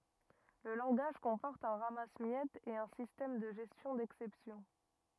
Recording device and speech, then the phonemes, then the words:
rigid in-ear microphone, read sentence
lə lɑ̃ɡaʒ kɔ̃pɔʁt œ̃ ʁamasəmjɛtz e œ̃ sistɛm də ʒɛstjɔ̃ dɛksɛpsjɔ̃
Le langage comporte un ramasse-miettes et un système de gestion d'exceptions.

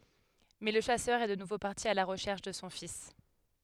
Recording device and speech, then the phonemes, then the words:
headset microphone, read sentence
mɛ lə ʃasœʁ ɛ də nuvo paʁti a la ʁəʃɛʁʃ də sɔ̃ fis
Mais le chasseur est de nouveau parti à la recherche de son fils.

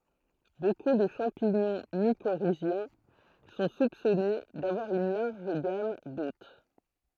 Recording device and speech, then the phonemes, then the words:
throat microphone, read sentence
boku də ʃɑ̃piɲɔ̃ mikoʁizjɛ̃ sɔ̃ supsɔne davwaʁ yn laʁʒ ɡam dot
Beaucoup de champignons mycorhiziens sont soupçonnées d'avoir une large gamme d'hôtes.

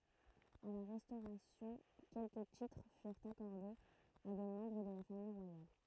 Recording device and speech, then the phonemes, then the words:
throat microphone, read sentence
a la ʁɛstoʁasjɔ̃ kɛlkə titʁ fyʁt akɔʁdez a de mɑ̃bʁ də la famij ʁwajal
À la Restauration, quelques titres furent accordés à des membres de la famille royale.

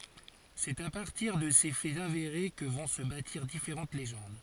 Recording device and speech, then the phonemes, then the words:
forehead accelerometer, read sentence
sɛt a paʁtiʁ də se fɛz aveʁe kə vɔ̃ sə batiʁ difeʁɑ̃t leʒɑ̃d
C'est à partir de ces faits avérés que vont se bâtir différentes légendes.

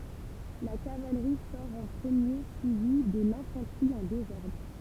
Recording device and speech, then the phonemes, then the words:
temple vibration pickup, read sentence
la kavalʁi sɔʁ ɑ̃ pʁəmje syivi də lɛ̃fɑ̃tʁi ɑ̃ dezɔʁdʁ
La cavalerie sort en premier, suivie de l'infanterie en désordre.

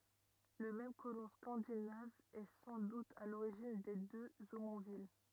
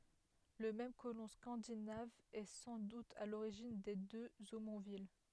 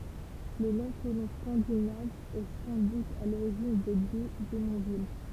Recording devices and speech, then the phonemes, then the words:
rigid in-ear microphone, headset microphone, temple vibration pickup, read sentence
lə mɛm kolɔ̃ skɑ̃dinav ɛ sɑ̃ dut a loʁiʒin de døz omɔ̃vil
Le même colon scandinave est sans doute à l'origine des deux Omonville.

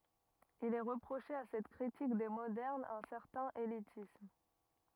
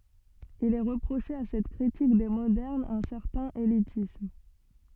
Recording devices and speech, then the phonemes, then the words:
rigid in-ear microphone, soft in-ear microphone, read sentence
il ɛ ʁəpʁoʃe a sɛt kʁitik de modɛʁnz œ̃ sɛʁtɛ̃n elitism
Il est reproché à cette critique des modernes un certain élitisme.

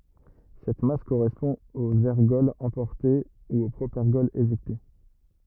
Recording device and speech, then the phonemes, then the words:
rigid in-ear microphone, read sentence
sɛt mas koʁɛspɔ̃ oz ɛʁɡɔlz ɑ̃pɔʁte u o pʁopɛʁɡɔl eʒɛkte
Cette masse correspond aux ergols emportés ou au propergol éjecté.

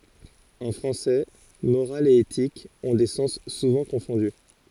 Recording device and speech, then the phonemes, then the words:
forehead accelerometer, read sentence
ɑ̃ fʁɑ̃sɛ moʁal e etik ɔ̃ de sɑ̃s suvɑ̃ kɔ̃fɔ̃dy
En français, morale et éthique ont des sens souvent confondus.

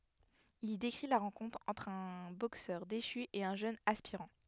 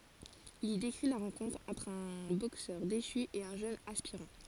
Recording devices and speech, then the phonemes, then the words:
headset microphone, forehead accelerometer, read sentence
il i dekʁi la ʁɑ̃kɔ̃tʁ ɑ̃tʁ œ̃ boksœʁ deʃy e œ̃ ʒøn aspiʁɑ̃
Il y décrit la rencontre entre un boxeur déchu et un jeune aspirant.

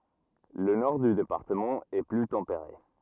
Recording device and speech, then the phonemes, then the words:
rigid in-ear microphone, read sentence
lə nɔʁ dy depaʁtəmɑ̃ ɛ ply tɑ̃peʁe
Le nord du département est plus tempéré.

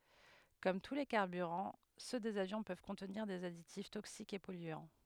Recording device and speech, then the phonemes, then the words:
headset microphone, read sentence
kɔm tu le kaʁbyʁɑ̃ sø dez avjɔ̃ pøv kɔ̃tniʁ dez aditif toksikz e pɔlyɑ̃
Comme tous les carburants, ceux des avions peuvent contenir des additifs toxiques et polluants.

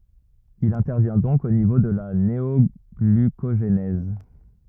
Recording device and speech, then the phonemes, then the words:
rigid in-ear microphone, read sentence
il ɛ̃tɛʁvjɛ̃ dɔ̃k o nivo də la neɔɡlykoʒnɛz
Il intervient donc au niveau de la néoglucogenèse.

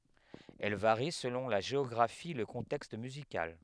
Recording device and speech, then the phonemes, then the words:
headset microphone, read sentence
ɛl vaʁi səlɔ̃ la ʒeɔɡʁafi e lə kɔ̃tɛkst myzikal
Elle varie selon la géographie et le contexte musical.

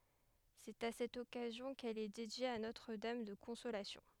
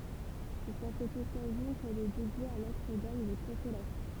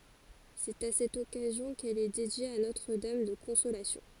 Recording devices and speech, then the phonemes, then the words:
headset microphone, temple vibration pickup, forehead accelerometer, read sentence
sɛt a sɛt ɔkazjɔ̃ kɛl ɛ dedje a notʁ dam də kɔ̃solasjɔ̃
C'est à cette occasion qu'elle est dédiée à Notre Dame de Consolation.

